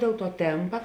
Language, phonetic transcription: Lithuanian, dėl tuo ˈtėmpa

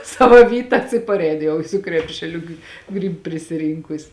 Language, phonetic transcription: Lithuanian, ˈsava ˈvytas i parˈein ˈjau su ˈkrepšeˌliu gi ˈgryb prisiˈrynkus

